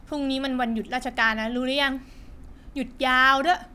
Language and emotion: Thai, frustrated